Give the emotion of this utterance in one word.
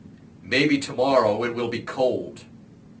neutral